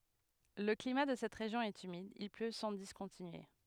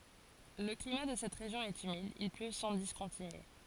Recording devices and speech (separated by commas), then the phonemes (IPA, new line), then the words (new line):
headset microphone, forehead accelerometer, read sentence
lə klima də sɛt ʁeʒjɔ̃ ɛt ymid il plø sɑ̃ diskɔ̃tinye
Le climat de cette région est humide, il pleut sans discontinuer.